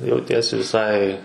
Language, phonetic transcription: Lithuanian, jauˈtiesi viˈsai

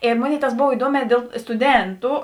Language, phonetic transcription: Lithuanian, i ˈmoˌnėi tas ˈbov iˈduomē ˈdėl stuˈdėntu

